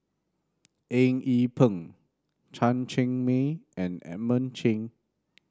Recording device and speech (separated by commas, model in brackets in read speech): standing microphone (AKG C214), read sentence